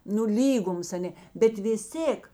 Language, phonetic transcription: Lithuanian, nu ˈlygums aˈnė bet vis ˈtėk

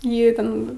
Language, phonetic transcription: Lithuanian, ˈjį ˈten

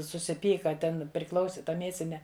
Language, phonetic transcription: Lithuanian, susiˈpyka ˈten priˈklausi ˈta ˈmiesine

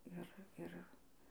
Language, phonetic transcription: Lithuanian, ˈir ˈir

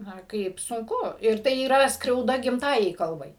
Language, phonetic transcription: Lithuanian, ˈna ˈkaip sunˈku ir ˈtai yˈra skriauˈda gimˈtajai ˈkalbai

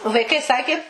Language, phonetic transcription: Lithuanian, vaiˈkai ˈsaki

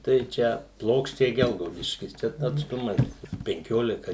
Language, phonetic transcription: Lithuanian, tai ˈčia ˈplokščiai ˈgelgaudiškis ˈčia atsˈtumas penˈkiolika

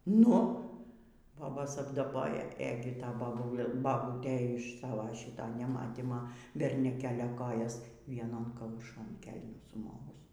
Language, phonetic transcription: Lithuanian, ˈnu ˈbobos apdaˈboja ˈėgi ˈta baˈbul baˈbūtė iš ˈsavo ˈšyto neˈmatymo berniuˈkelio ˈkojas vieˈnon kauˈšon ˈkelnių suˈmovus

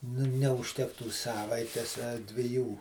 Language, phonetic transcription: Lithuanian, nu neužˈtektų ˈsavaites a dviˈjų

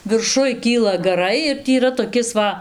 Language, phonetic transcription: Lithuanian, virˈšuj ˈkyla gaˈrai ir ˈtį yˈra toˈkis ˈva

